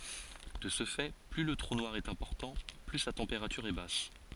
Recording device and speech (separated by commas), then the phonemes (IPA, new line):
forehead accelerometer, read sentence
də sə fɛ ply lə tʁu nwaʁ ɛt ɛ̃pɔʁtɑ̃ ply sa tɑ̃peʁatyʁ ɛ bas